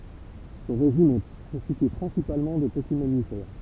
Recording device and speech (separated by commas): temple vibration pickup, read sentence